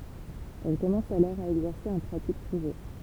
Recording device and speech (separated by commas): temple vibration pickup, read sentence